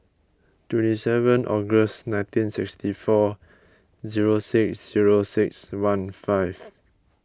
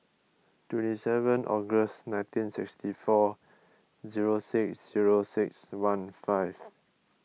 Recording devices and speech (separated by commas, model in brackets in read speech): close-talking microphone (WH20), mobile phone (iPhone 6), read sentence